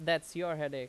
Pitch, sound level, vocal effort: 160 Hz, 91 dB SPL, very loud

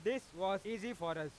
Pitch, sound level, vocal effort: 190 Hz, 100 dB SPL, loud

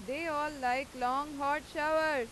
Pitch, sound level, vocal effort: 285 Hz, 97 dB SPL, very loud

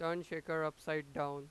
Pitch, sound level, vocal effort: 155 Hz, 96 dB SPL, loud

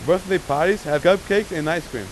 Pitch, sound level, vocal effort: 175 Hz, 96 dB SPL, very loud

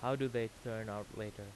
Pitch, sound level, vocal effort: 110 Hz, 87 dB SPL, normal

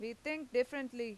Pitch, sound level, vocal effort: 250 Hz, 92 dB SPL, very loud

